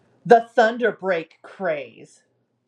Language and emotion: English, disgusted